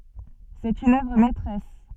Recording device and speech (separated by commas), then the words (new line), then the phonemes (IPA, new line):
soft in-ear microphone, read sentence
C'est une œuvre maîtresse.
sɛt yn œvʁ mɛtʁɛs